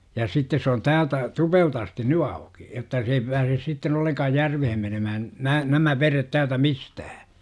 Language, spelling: Finnish, ja sitten se on täältä Tupelta asti nyt auki jotta se ei pääse sitten ollenkaan järveen menemään nämä nämä vedet täältä mistään
- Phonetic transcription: ja 'sittes s ‿oon "täältä , 'Tupelt ‿asti "ny auki , jotta se ei pääses sitten olleŋkaaj "järvehen menömähän , 'nää nämä veret täältä "mistähä .

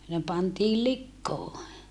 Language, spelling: Finnish, ne pantiin likoon
- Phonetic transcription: ne pantii likkoo .

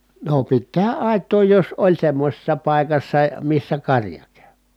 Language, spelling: Finnish, no piti tehdä aitaa jos oli semmoisessa paikassa missä karja käy
- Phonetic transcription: no pit tehä ʼài̮t̀oo jos oĺ semmośessa pàikassa , missä karja kÄY .

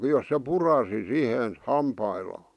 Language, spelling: Finnish, jos se puraisi siihen hampaillaan
- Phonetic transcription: jos se "purasi 'sihen , "hampaillaa .

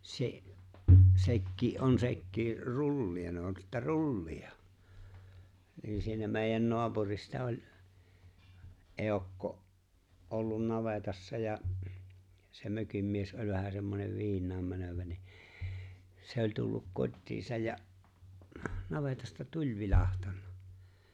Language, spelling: Finnish, se sekin on sekin trullia ne on sitten trullia niin ne siinä meidän naapurista oli eukko ollut navetassa ja se mökin mies oli vähän semmoinen viinaan menevä niin se oli tullut kotiinsa ja navetasta tuli vilahtanut
- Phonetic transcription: 'se’ , 'sekkii , '’on 'sekkii , "rulli₍a nᵉ ‿on sittä "rulli₍a , 'niin ne siinä mèi̬jän 'noapurista 'oĺ , '’eokko’ , ’ollun 'navetassa ja’ , se 'mökim mies '’oĺ vähä semmonev 'viiǹaam 'mänövä ni , 'se oĺ tulluk 'kot́tiisaj ja’ , 'navetasta "tuĺ 'vilàhtannᴀ .

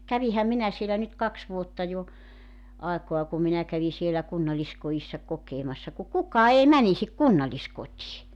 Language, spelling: Finnish, kävinhän minä siellä nyt kaksi vuotta jo aikaa kun minä kävin siellä kunnalliskodissa kokemassa kun kukaan ei menisi kunnalliskotiin
- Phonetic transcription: "kävihäm 'minä sielä nyt 'kaks vuotta jo , 'àekoa ku 'minä 'kävi sielä 'kunnallisko₍issa , 'kokeemassa ku "kuk̀aa 'ei "mänisik "kunnalĺiskot́ii .

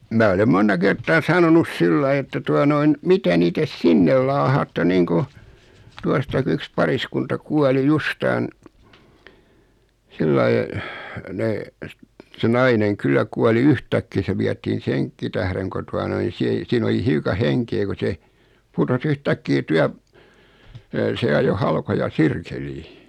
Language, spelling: Finnish, minä olen monta kertaa sanonut sillä lailla että tuota noin mitä niitä sinne laahaatte niin kuin tuostakin yksi pariskunta kuoli justiin sillä lailla ne se nainen kyllä kuoli yhtäkkiä se vietiin senkin tähden kun tuota noin niin - siinä oli hiukan henkeä kun se putosi yhtäkkiä - se ajoi halkoja sirkkeliin
- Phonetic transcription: 'mää olem 'monta 'kert̆taa 'sanonus "sillai että 'tua noin , 'mitä niitä "sinnel laahaatte 'naiŋku , 'tuastak(i) yks 'pariskunta 'kuali 'justaan , 'sillai , nee , se 'naineŋ 'kyl̆lä kuali "yhtäkkii se 'viätiin "seŋkki tähreŋ ko 'tua noin̬ (ni) 'sii- , 'siin ‿oli 'hiuka 'heŋkee ku se , 'putos 'yh'täkkii 'tyäp- , 'se ajo 'halkoja "sirkelii .

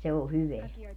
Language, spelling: Finnish, mutta se on hyvää
- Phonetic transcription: mut 'se o 'hyveä .

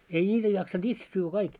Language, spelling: Finnish, ei niitä jaksanut itse syödä kaikki
- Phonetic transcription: ei 'ńiitä jaksan'ᴅ ‿itse syyvvä 'kaik .

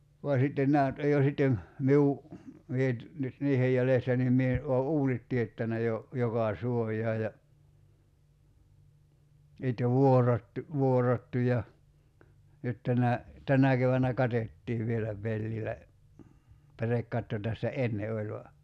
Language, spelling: Finnish, vaan sitten nämä nyt on jo sitten minun minä nyt nyt niiden jäljestä niin minä olen uunit teettänyt jo joka suojaan ja sitten vuorattu vuorattu ja nyt tänä tänä keväänä katettiin vielä pellillä pärekatto tässä ennen oli vain
- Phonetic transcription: va sitten 'nää nyt 'oj jo sittem , 'miu , 'mie [ny]t , nyt 'niihej jälestä nim 'mie , '’oo "’uunit tiettänä jo , 'joka "suoj̀aa ja , (s)itte "vuorattu , 'vuorattu ja , 'nyt tänä , "tänä kevännä "katettiiv vielä 'pellilä , 'pärekkatto tässä "enne oĺ va ,.

